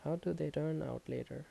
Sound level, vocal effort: 76 dB SPL, soft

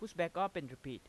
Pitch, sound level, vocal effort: 170 Hz, 91 dB SPL, normal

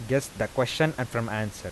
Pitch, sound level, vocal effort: 115 Hz, 86 dB SPL, normal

